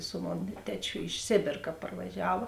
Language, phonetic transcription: Lithuanian, su ˈmon ˈtečiu iš ˈsėbėr ka parvaˈžiava

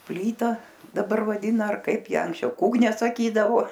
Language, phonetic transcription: Lithuanian, ˈplyta daˈbar vaˈdina ar ˈkaip ˈją anksˈčiau ˈkūkne saˈkydavo

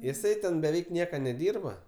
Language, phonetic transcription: Lithuanian, jiˈsai ten beˈveik ˈnieka neˈdyrba

